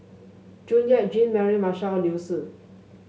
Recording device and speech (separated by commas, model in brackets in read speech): mobile phone (Samsung S8), read sentence